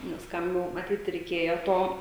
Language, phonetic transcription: Lithuanian, nes ˈkam jau maˈtyt reiˈkėjo ˈto

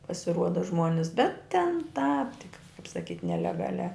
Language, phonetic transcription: Lithuanian, pasiˈruoda ˈžmuonis bet ten tāp tik kaip saˈkyt nelegaˈliā

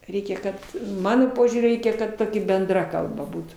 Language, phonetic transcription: Lithuanian, ˈreikia ˈkad ˈmano ˈpožiūriu ˈreikia kad ˈtoki benˈdra kalˈba ˈbūtų

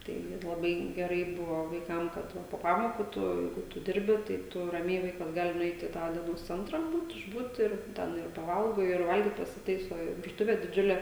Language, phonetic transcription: Lithuanian, ˈtai laˈbai geˈrai ˈbuvo vaiˈkam kad ˈva po ˈpamokų ˈtu ˈjeigu tu ˈdirbi tai ˈtu raˈmiai ˈvaikas ˈgali nuˈeit i ˈtą dieˈnos ˈcentra ˈbūt išˈbūt ir ˈten ir paˈvalgo ir ˈvalgyt pasiˈtaiso ir virˈtuvė diˈdžiulė

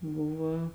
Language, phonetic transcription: Lithuanian, ˈbuva

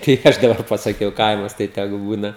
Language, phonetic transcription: Lithuanian, tai ˈaš daˈbar pasaˈkiau ˈkaimas tai teˈgu ˈbūna

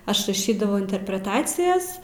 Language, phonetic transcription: Lithuanian, ˈaš raˈšydavau interpreˈtacijas

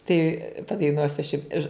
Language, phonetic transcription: Lithuanian, tai padaiˈnuosiu aš jum iš

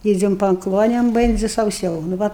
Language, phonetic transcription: Lithuanian, ˈydzem pa ˈklonem ˈbendzi sauˈsiau nu ˈva

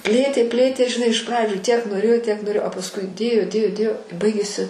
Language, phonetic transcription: Lithuanian, ˈplėtė ˈplėtė žiˈnai iš ˈpradžių ˈtiek noˈrėjo ˈtiek noˈrėjo a pasˈkui ˈdėjo ˈdėjo ˈdėjo i ˈbaigėsi

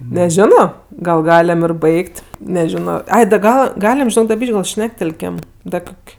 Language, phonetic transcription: Lithuanian, neˈžino gal ˈgalem ir ˈbaigt' neˈžino ˈai da ˈgal ˈgalim žiˈnok da ˈbyš'k' gal ˈšnektelkem ˈda ˈkok'

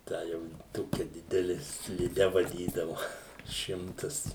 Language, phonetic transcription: Lithuanian, ˈtą jau ˈtokia ˈdideli sliˈde vaˈdydavu ˈšimtas

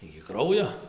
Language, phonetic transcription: Lithuanian, iki ˈkraujo

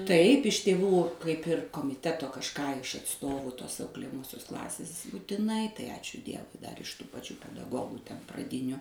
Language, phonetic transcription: Lithuanian, ˈtaip iš tėˈvų kaip ˈir komiˈteto kažˈką iš atˈstovų tos auklėjaˈmosios ˈklasės būtiˈnai tai ˈačiu ˈdievui dar iš tų paˈčių pedaˈgogu ten praˈdiniu

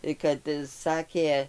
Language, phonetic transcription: Lithuanian, tai kad ˈsakė

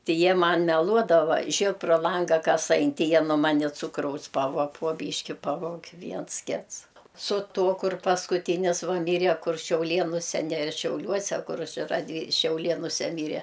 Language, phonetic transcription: Lithuanian, ˈti ˈjie ˈman meˈluodava ˈžėk pro ˈlanga ˈkas ˈain ˈti ˈjie nuo ˈmani ˈcukraus ˈpavuo po ˈbyški ˈpavog' ˈviens ˈkits su ˈto kur paskuˈtynis ˈva ˈmyre kur šiauˈlėnuse ne šiauˈliuose ˈkur ˈčia raˈdvy šiauˈlėnuse ˈmyre

